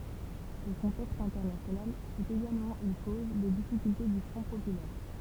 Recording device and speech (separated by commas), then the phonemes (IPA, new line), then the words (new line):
temple vibration pickup, read sentence
lə kɔ̃tɛkst ɛ̃tɛʁnasjonal fy eɡalmɑ̃ yn koz de difikylte dy fʁɔ̃ popylɛʁ
Le contexte international fut également une cause des difficultés du Front populaire.